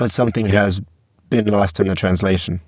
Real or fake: fake